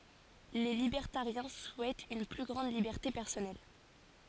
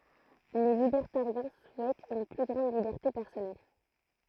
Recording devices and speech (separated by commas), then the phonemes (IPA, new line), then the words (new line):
forehead accelerometer, throat microphone, read sentence
le libɛʁtaʁjɛ̃ suɛtt yn ply ɡʁɑ̃d libɛʁte pɛʁsɔnɛl
Les libertariens souhaitent une plus grande liberté personnelle.